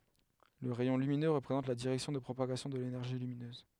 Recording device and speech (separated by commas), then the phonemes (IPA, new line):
headset microphone, read sentence
lə ʁɛjɔ̃ lyminø ʁəpʁezɑ̃t la diʁɛksjɔ̃ də pʁopaɡasjɔ̃ də lenɛʁʒi lyminøz